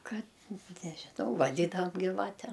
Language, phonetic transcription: Lithuanian, ˈkad nežiˈnau vaˈdydavam giˈvatem

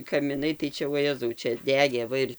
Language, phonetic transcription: Lithuanian, kamiˈnai tai ˈčia voˈjezau ˈčia ˈdegė ˈva ir

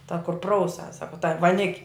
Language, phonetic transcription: Lithuanian, ta kur ˈprauˌsas ˈsako ta vaˈnik'

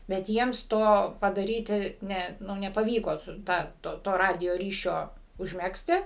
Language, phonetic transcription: Lithuanian, bet ˈjiems ˈto padaˈryti ˈne ˈnu nepaˈvyko ˈtą ˈto to ˈradijo ˈryšio užˈmegzti

